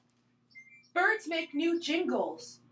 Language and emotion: English, surprised